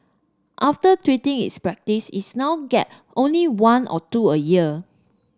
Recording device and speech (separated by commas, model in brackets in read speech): standing microphone (AKG C214), read sentence